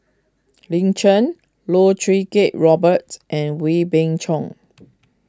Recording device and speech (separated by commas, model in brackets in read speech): close-talking microphone (WH20), read sentence